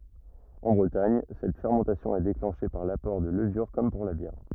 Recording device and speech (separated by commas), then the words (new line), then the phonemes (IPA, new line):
rigid in-ear microphone, read sentence
En Bretagne, cette fermentation est déclenchée par l'apport de levures comme pour la bière.
ɑ̃ bʁətaɲ sɛt fɛʁmɑ̃tasjɔ̃ ɛ deklɑ̃ʃe paʁ lapɔʁ də ləvyʁ kɔm puʁ la bjɛʁ